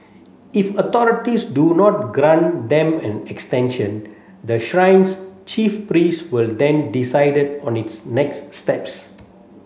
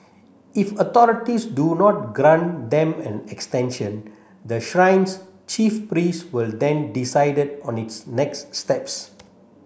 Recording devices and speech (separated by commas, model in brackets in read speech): mobile phone (Samsung C7), boundary microphone (BM630), read sentence